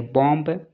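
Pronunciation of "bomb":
'bomb' is pronounced incorrectly here, with the final b sounded instead of silent.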